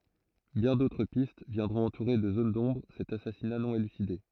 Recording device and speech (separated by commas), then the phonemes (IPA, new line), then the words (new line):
throat microphone, read sentence
bjɛ̃ dotʁ pist vjɛ̃dʁɔ̃t ɑ̃tuʁe də zon dɔ̃bʁ sɛt asasina nɔ̃ elyside
Bien d'autres pistes viendront entourer de zones d'ombre cet assassinat non élucidé.